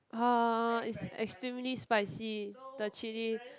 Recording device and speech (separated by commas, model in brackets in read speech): close-talking microphone, conversation in the same room